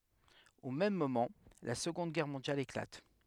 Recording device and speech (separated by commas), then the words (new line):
headset microphone, read sentence
Au même moment, la Seconde Guerre mondiale éclate.